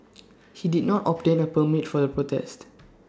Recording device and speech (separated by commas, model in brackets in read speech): standing microphone (AKG C214), read sentence